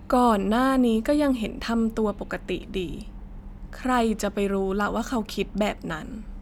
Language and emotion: Thai, frustrated